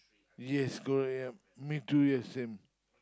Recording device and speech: close-talking microphone, conversation in the same room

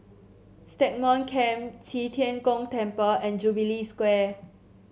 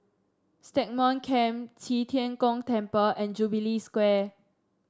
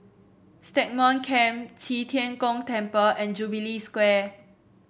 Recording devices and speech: mobile phone (Samsung C7), standing microphone (AKG C214), boundary microphone (BM630), read sentence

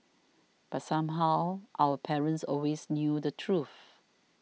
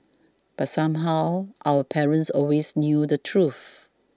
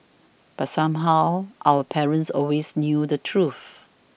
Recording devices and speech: mobile phone (iPhone 6), standing microphone (AKG C214), boundary microphone (BM630), read sentence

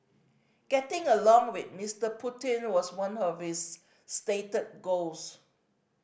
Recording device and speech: boundary microphone (BM630), read sentence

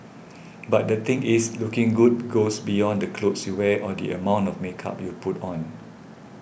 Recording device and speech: boundary microphone (BM630), read sentence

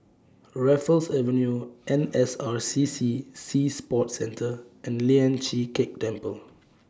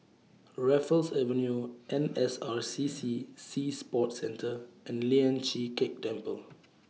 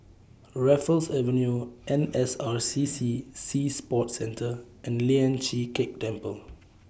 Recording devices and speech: standing microphone (AKG C214), mobile phone (iPhone 6), boundary microphone (BM630), read sentence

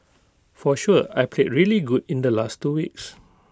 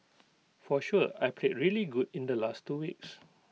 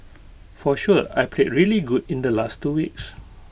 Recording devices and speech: close-talking microphone (WH20), mobile phone (iPhone 6), boundary microphone (BM630), read sentence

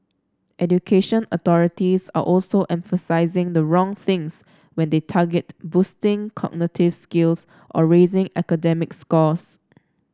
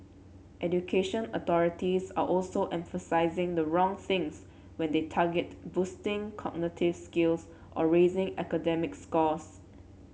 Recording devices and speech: standing microphone (AKG C214), mobile phone (Samsung C7), read sentence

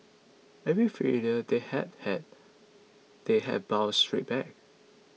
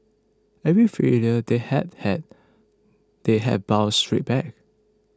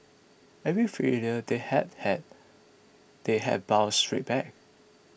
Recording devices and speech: mobile phone (iPhone 6), close-talking microphone (WH20), boundary microphone (BM630), read sentence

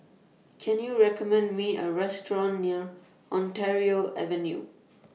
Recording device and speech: mobile phone (iPhone 6), read sentence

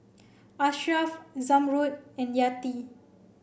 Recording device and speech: boundary microphone (BM630), read sentence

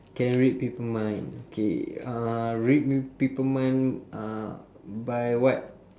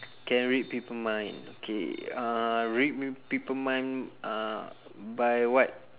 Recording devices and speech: standing microphone, telephone, conversation in separate rooms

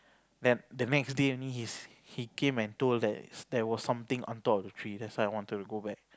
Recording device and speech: close-talking microphone, conversation in the same room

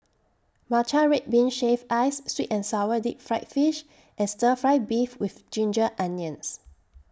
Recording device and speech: standing microphone (AKG C214), read sentence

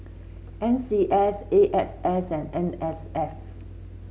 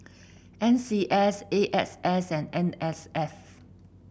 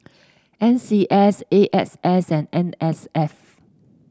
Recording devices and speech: mobile phone (Samsung C7), boundary microphone (BM630), standing microphone (AKG C214), read sentence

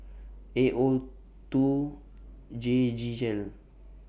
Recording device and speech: boundary microphone (BM630), read sentence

